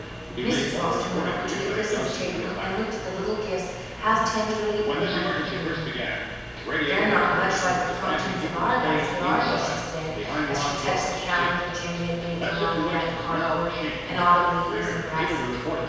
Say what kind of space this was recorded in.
A large, echoing room.